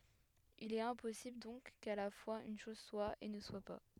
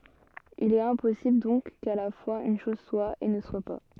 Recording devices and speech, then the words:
headset microphone, soft in-ear microphone, read sentence
Il est impossible donc qu’à la fois une chose soit et ne soit pas.

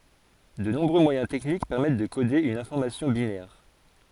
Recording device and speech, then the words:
forehead accelerometer, read sentence
De nombreux moyens techniques permettent de coder une information binaire.

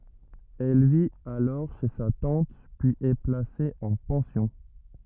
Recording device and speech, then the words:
rigid in-ear microphone, read sentence
Elle vit alors chez sa tante puis est placée en pension.

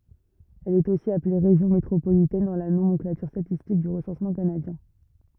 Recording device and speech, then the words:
rigid in-ear microphone, read sentence
Elle est aussi appelée région métropolitaine dans la nomenclature statistique du recensement canadien.

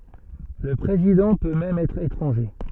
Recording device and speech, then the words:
soft in-ear microphone, read sentence
Le président peut même être étranger.

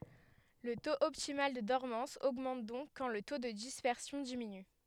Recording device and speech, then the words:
headset microphone, read sentence
Le taux optimal de dormance augmente donc quand le taux de dispersion diminue.

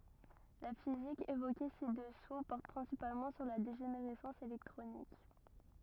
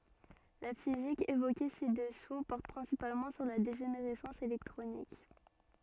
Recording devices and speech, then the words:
rigid in-ear microphone, soft in-ear microphone, read sentence
La physique évoquée ci-dessous porte principalement sur la dégénérescence électronique.

